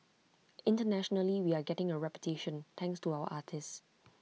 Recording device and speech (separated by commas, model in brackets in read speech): mobile phone (iPhone 6), read sentence